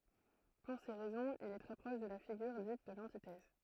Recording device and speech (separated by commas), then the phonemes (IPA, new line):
throat microphone, read sentence
puʁ se ʁɛzɔ̃z il ɛ tʁɛ pʁɔʃ də la fiɡyʁ dit də lɑ̃titɛz